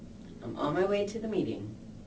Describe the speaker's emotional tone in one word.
neutral